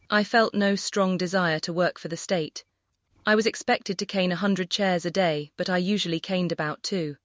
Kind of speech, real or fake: fake